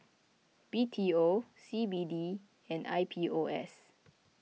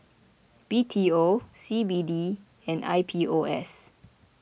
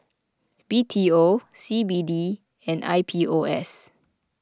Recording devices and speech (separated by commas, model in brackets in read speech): mobile phone (iPhone 6), boundary microphone (BM630), close-talking microphone (WH20), read sentence